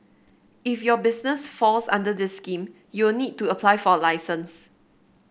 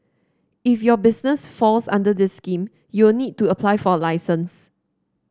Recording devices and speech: boundary microphone (BM630), standing microphone (AKG C214), read sentence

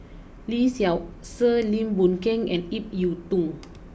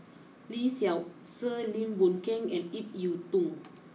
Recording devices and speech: boundary microphone (BM630), mobile phone (iPhone 6), read sentence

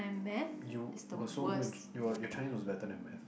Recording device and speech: boundary microphone, conversation in the same room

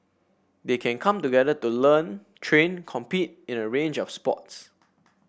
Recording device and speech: boundary microphone (BM630), read sentence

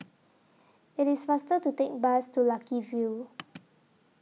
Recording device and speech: mobile phone (iPhone 6), read sentence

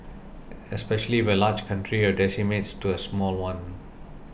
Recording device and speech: boundary microphone (BM630), read sentence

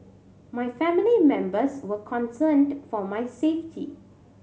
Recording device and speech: mobile phone (Samsung C7100), read sentence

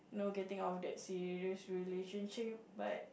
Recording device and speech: boundary microphone, conversation in the same room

